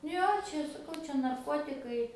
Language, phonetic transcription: Lithuanian, ˈjo ˈčia saˈkau ˈčia narˈkotikai

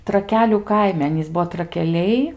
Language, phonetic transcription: Lithuanian, traˈkelių ˈkaime ˈanys ˈbuo trakeˈliai

